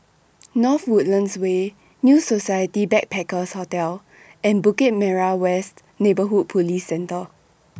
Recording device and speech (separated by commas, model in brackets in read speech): boundary microphone (BM630), read sentence